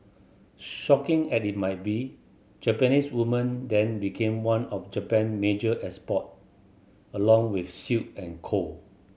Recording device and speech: mobile phone (Samsung C7100), read sentence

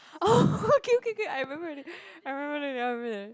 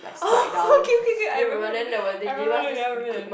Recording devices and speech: close-talking microphone, boundary microphone, conversation in the same room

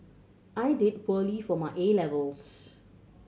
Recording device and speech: mobile phone (Samsung C7100), read sentence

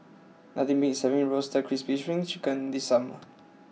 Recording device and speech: mobile phone (iPhone 6), read sentence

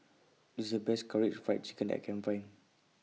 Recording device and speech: mobile phone (iPhone 6), read sentence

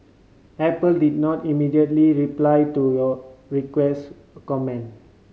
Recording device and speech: mobile phone (Samsung C5010), read sentence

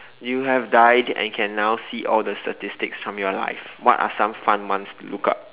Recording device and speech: telephone, conversation in separate rooms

